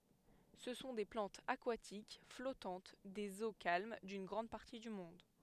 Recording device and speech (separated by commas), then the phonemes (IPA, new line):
headset microphone, read sentence
sə sɔ̃ de plɑ̃tz akwatik flɔtɑ̃t dez o kalm dyn ɡʁɑ̃d paʁti dy mɔ̃d